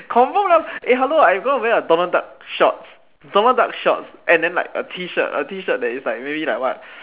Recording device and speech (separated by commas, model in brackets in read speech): telephone, conversation in separate rooms